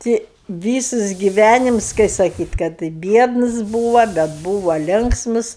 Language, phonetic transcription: Lithuanian, ˈti ˈvysus giˈvænims kai saˈkyt' kad i ˈbiedns ˈbūva bet ˈbūva ˈlinksmus

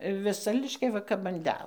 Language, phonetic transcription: Lithuanian, viˈsa liškiaˈva kap an ˈdel

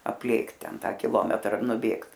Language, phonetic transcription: Lithuanian, apˈlėkt ˈten ˈtą kiˈlometra nuˈbėgt

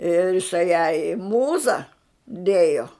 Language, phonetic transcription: Lithuanian, ir iˈsai jai i ˈmūza ˈdėjo

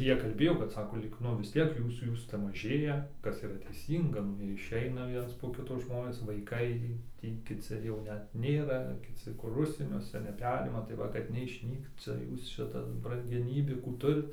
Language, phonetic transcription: Lithuanian, ir ˈjie kalˈbėjo kad ˈsako lyg ˈnu vis ˈtiek ˈjūs ˈjūs ˈcia maˈžėja ˈkas yˈra teiˈsynga ˈnu iˈšeina ˈviens po ˈkito ˈžmonės vaiˈkai ˈtį kiˈci jau ˈnet ˈnėra kiˈci kur ˈužsieniuose neˈperima tai ˈva kad neišˈnykt ˈcia ˈjūs ˈšitas brangeˈnybių ˈkų ˈturit

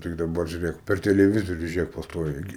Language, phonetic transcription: Lithuanian, tik daˈbar žiuˈrėk per teleˈvizoriu žiuˈrėk pasˈtoviai gi

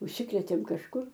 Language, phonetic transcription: Lithuanian, užˈsikrėtėm kažˈkur

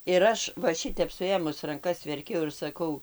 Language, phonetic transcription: Lithuanian, ir ˈaš va ˈšitep suˈėmus ranˈkas verˈkiau ir saˈkau

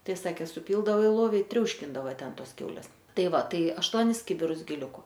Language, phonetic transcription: Lithuanian, ˈtai ˈsakė suˈpyldavo i ˈlovi i ˈtriauškindava ˈten ˈtos ˈkiaulės ˈtai ˈva ˈtai ašˈtuonis ˈkibirus giˈliuku

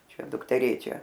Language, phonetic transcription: Lithuanian, ˈčia dukteˈrėčia

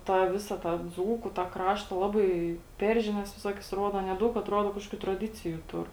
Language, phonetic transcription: Lithuanian, tą ˈvisa tą ˈdzūku tą ˈkrašta ˈlabai ˈper žiˌnias viˈsokias ˈruoda ˈanie ˈdaug atˈruodo ˈkažkokiu traˈdiciju ˈtur

